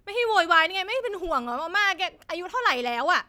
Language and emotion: Thai, angry